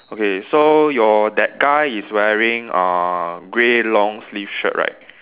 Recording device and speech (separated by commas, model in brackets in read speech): telephone, conversation in separate rooms